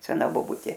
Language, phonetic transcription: Lithuanian, seˈna boˈbutė

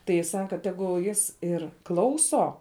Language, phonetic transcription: Lithuanian, tai ˈji ˈsaka ˈtegul ˈjis ˈir ˈklauso

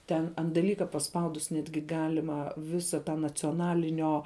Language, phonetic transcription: Lithuanian, ˈten ant daˈlyka paˈspaudus ˈnetgi ˈgalima ˈvisa ta nacioˈnalinio

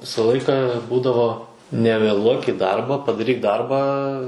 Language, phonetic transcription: Lithuanian, ˈvisa ˈlaika ˈbūdavo nevėˈluok į ˈdarba padaˈryk ˈdarbą

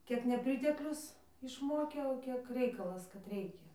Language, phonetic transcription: Lithuanian, ˈkiek neˈpriteklius išˈmokė o ˈkiek ˈreikalas kad ˈreikia

